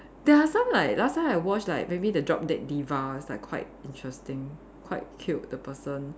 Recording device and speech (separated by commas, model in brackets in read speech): standing microphone, conversation in separate rooms